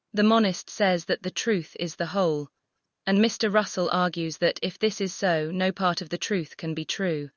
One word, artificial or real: artificial